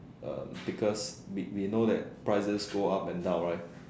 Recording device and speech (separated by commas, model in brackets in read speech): standing microphone, conversation in separate rooms